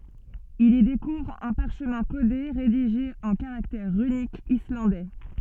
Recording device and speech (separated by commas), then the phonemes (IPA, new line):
soft in-ear microphone, read sentence
il i dekuvʁ œ̃ paʁʃmɛ̃ kode ʁediʒe ɑ̃ kaʁaktɛʁ ʁynikz islɑ̃dɛ